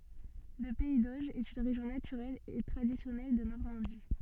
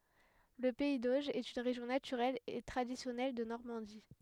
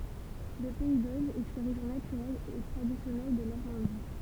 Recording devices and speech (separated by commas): soft in-ear microphone, headset microphone, temple vibration pickup, read sentence